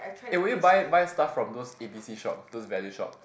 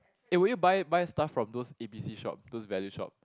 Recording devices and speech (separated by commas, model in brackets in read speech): boundary microphone, close-talking microphone, conversation in the same room